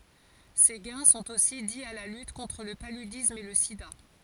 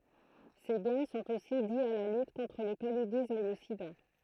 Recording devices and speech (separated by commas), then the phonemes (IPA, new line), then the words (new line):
forehead accelerometer, throat microphone, read sentence
se ɡɛ̃ sɔ̃t osi di a la lyt kɔ̃tʁ lə palydism e lə sida
Ces gains sont aussi dis à la lutte contre le paludisme et le sida.